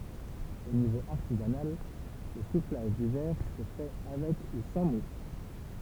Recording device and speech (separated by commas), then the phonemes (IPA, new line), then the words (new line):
temple vibration pickup, read sentence
o nivo aʁtizanal lə suflaʒ dy vɛʁ sə fɛ avɛk u sɑ̃ mul
Au niveau artisanal, le soufflage du verre se fait avec ou sans moule.